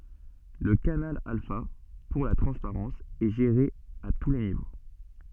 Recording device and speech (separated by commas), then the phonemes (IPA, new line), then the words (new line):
soft in-ear microphone, read sentence
lə kanal alfa puʁ la tʁɑ̃spaʁɑ̃s ɛ ʒeʁe a tu le nivo
Le canal alpha, pour la transparence, est géré à tous les niveaux.